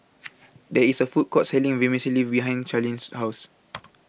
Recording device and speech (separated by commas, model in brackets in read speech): boundary microphone (BM630), read sentence